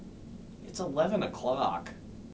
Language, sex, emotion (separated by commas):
English, male, neutral